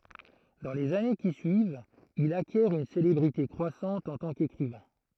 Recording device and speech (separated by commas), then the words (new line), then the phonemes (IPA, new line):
throat microphone, read sentence
Dans les années qui suivent, il acquiert une célébrité croissante en tant qu’écrivain.
dɑ̃ lez ane ki syivt il akjɛʁ yn selebʁite kʁwasɑ̃t ɑ̃ tɑ̃ kekʁivɛ̃